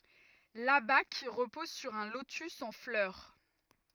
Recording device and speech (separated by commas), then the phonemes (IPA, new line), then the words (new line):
rigid in-ear microphone, read sentence
labak ʁəpɔz syʁ œ̃ lotys ɑ̃ flœʁ
L'abaque repose sur un lotus en fleur.